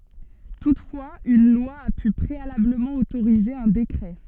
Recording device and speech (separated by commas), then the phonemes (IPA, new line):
soft in-ear microphone, read sentence
tutfwaz yn lwa a py pʁealabləmɑ̃ otoʁize œ̃ dekʁɛ